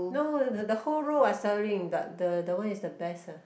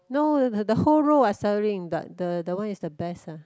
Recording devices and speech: boundary microphone, close-talking microphone, conversation in the same room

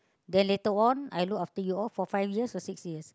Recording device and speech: close-talking microphone, conversation in the same room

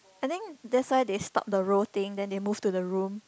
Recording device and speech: close-talking microphone, conversation in the same room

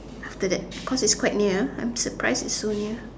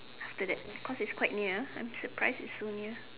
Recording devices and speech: standing microphone, telephone, conversation in separate rooms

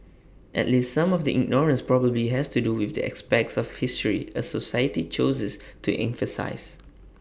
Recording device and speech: boundary microphone (BM630), read sentence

